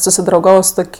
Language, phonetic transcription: Lithuanian, susidrauˈgavo su ˈtok'

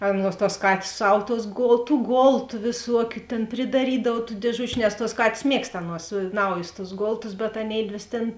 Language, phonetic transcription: Lithuanian, ˈaˌnuos tuos ˈkatės ˈsav tuos ˈgol tų ˈgoltu vėˈsuokiu tėn pridaˈrydav tų dėˈžučiu nes tuos ˈkatės ˈmiegst ˈaˌnuos ˈnaujus tus ˈgoltus bet aˈnėidvės tėn

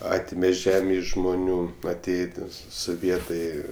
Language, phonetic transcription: Lithuanian, ˈatime ˈžemė iš žmuˈnių aˈtėjė ˈtie soˈvietai

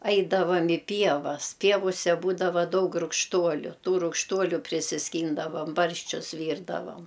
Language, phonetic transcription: Lithuanian, ˈaidavam i ˈpievas ˈpievuse ˈbūdava ˈdaug rugšˈtuoliu ˈtų rugšˈtuoliu prisisˈkyndavam ˈbarščius ˈvyrdavam

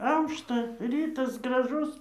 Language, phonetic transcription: Lithuanian, ˈaušta ˈrytas graˈžus

